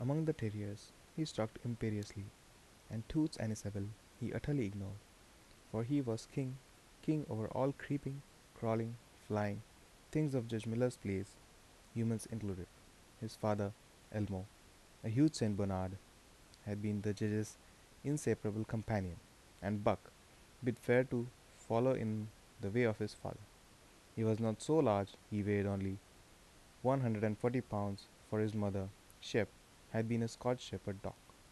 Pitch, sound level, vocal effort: 110 Hz, 78 dB SPL, soft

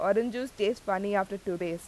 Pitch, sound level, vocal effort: 200 Hz, 87 dB SPL, loud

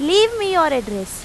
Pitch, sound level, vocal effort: 325 Hz, 93 dB SPL, very loud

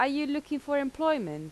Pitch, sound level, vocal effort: 285 Hz, 87 dB SPL, loud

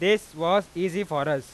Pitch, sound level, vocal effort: 185 Hz, 99 dB SPL, very loud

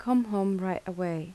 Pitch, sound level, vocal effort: 190 Hz, 78 dB SPL, soft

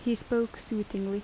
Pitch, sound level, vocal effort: 220 Hz, 79 dB SPL, soft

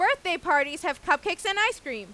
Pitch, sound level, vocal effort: 310 Hz, 99 dB SPL, very loud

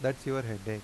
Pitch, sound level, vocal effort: 130 Hz, 86 dB SPL, normal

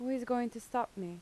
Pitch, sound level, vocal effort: 240 Hz, 82 dB SPL, soft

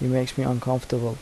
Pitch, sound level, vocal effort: 130 Hz, 76 dB SPL, soft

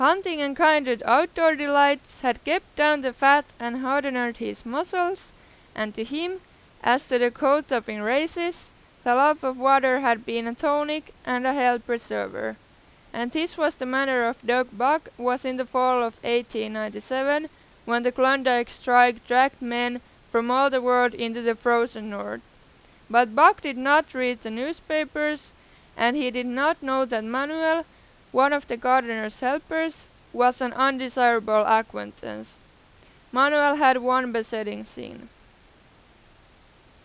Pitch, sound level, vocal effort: 255 Hz, 93 dB SPL, loud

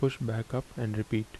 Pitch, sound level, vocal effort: 115 Hz, 73 dB SPL, soft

